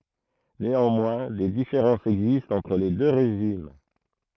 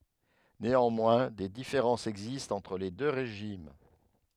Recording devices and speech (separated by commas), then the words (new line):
throat microphone, headset microphone, read sentence
Néanmoins, des différences existent entre les deux régimes.